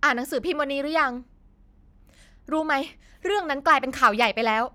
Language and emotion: Thai, frustrated